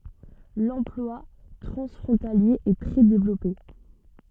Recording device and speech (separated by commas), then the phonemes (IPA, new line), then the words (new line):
soft in-ear microphone, read sentence
lɑ̃plwa tʁɑ̃sfʁɔ̃talje ɛ tʁɛ devlɔpe
L'emploi transfrontalier est très développé.